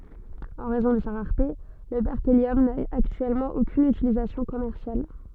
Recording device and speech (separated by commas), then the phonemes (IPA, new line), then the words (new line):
soft in-ear microphone, read sentence
ɑ̃ ʁɛzɔ̃ də sa ʁaʁte lə bɛʁkeljɔm na aktyɛlmɑ̃ okyn ytilizasjɔ̃ kɔmɛʁsjal
En raison de sa rareté, le berkélium n'a actuellement aucune utilisation commerciale.